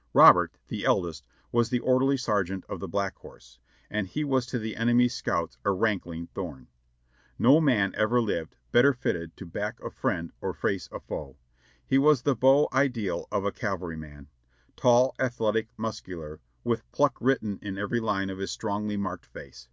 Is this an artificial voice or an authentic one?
authentic